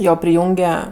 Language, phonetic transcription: Lithuanian, ˈjo priˈjūnge

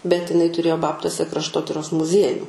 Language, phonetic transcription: Lithuanian, bet iˈnai tuˈrėjo ˈbabtuose krašˈtotiros muˈziejų

